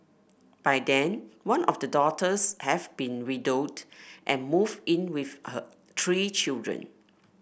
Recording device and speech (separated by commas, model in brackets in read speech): boundary microphone (BM630), read sentence